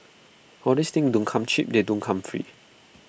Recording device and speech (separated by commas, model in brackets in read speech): boundary microphone (BM630), read sentence